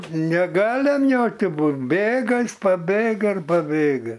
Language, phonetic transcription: Lithuanian, neˈgalem ˈjokiu ˈbūd ˈbėga ˈis paˈbėga ir paˈbėga

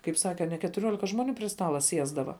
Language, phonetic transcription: Lithuanian, kaip ˈsake a ne ketuˈriuolika ˈžmoˌnių pri ˈstala ˈsiesdava

